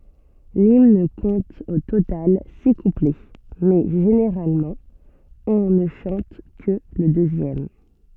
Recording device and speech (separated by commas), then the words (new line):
soft in-ear microphone, read sentence
L'hymne compte au total six couplets, mais généralement, on ne chante que le deuxième.